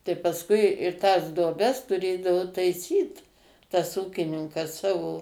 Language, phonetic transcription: Lithuanian, tai pasˈkui ir tas duoˈbes tuˈrėdavo taiˈsyt tas ˈūkininkas ˈsavo

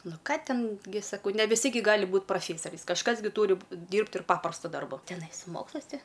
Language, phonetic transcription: Lithuanian, ˈnu ˈką ˈten gi ˈsakau ne viˈsi gi ˈgali ˈbūt praˈfėsariais kažˈkas gi ˈtūri ˈdyrbt ir ˈpaprasta ˈdarba teˈnai su ˈmokslais ˈti

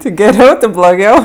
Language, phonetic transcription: Lithuanian, ti geˈriau ti bloˈgiau

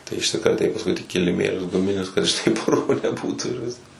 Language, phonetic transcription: Lithuanian, tai išsikraˈtei pasˈkui tik kiliˈmėlius guˈminius kad ˈštai ˈpurvo neˈbūtu ir ˈvisk

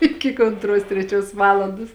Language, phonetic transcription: Lithuanian, ˈiki k ontˈruos treˈčiuos ˈvalandos

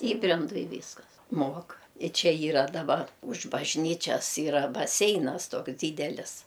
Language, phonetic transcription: Lithuanian, ˈįbrendu i ˈvyskas ˈmuok i ˈčia ˈyra daˈbar už bažˈnyčias ˈyra baˈseinas ˈtoks ˈdydelis

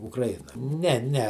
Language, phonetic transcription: Lithuanian, ukraˈjina ˈne ˈne

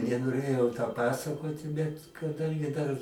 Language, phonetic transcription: Lithuanian, nenoˈrėjau to ˈpasakoti bet kaˈdangi dar

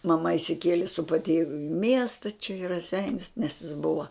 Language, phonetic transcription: Lithuanian, maˈma išsiˈkielė su patieviu i miesta čia i raˈseinius nes jis ˈbuva

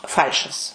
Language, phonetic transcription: Lithuanian, ˈfal'šas

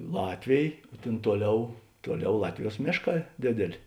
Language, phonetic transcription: Lithuanian, ˈlatvėj ˈtėn ˈtuoˌliau ˈtuoˌliau ˈlatviˌjuos ˈmėšˌkā ˈdėdėˌlė

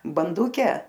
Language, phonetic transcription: Lithuanian, banˈduke

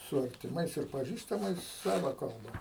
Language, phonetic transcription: Lithuanian, su artiˈmais ir paˈžįstamais ˈsava kalˈba

